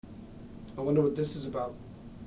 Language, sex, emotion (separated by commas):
English, male, fearful